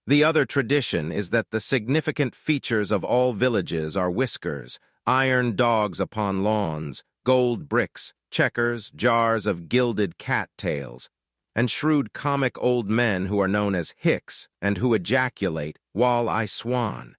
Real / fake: fake